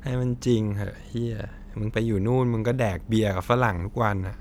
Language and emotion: Thai, frustrated